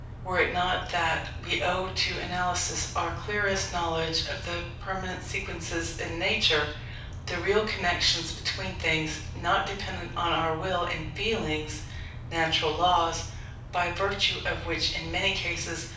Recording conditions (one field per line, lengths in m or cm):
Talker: one person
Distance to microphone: 5.8 m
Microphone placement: far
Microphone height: 1.8 m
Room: medium-sized (5.7 m by 4.0 m)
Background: none